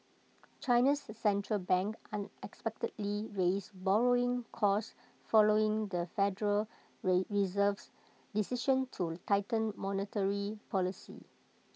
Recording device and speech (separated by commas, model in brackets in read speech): mobile phone (iPhone 6), read sentence